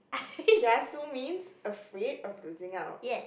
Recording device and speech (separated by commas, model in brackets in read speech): boundary microphone, conversation in the same room